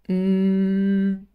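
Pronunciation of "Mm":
An m sound is said with the nose pinched, and the sound stops because it cannot really escape anymore.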